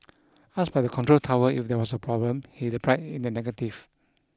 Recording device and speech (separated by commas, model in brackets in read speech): close-talking microphone (WH20), read sentence